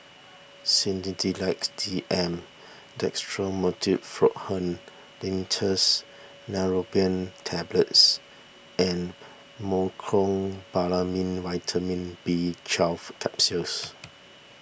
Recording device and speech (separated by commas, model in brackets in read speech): boundary microphone (BM630), read sentence